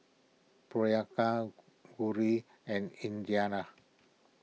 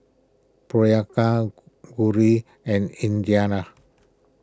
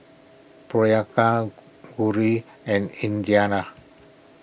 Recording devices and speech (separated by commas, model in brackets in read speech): mobile phone (iPhone 6), close-talking microphone (WH20), boundary microphone (BM630), read sentence